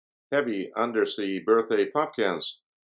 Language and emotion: English, neutral